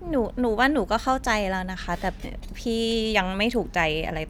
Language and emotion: Thai, frustrated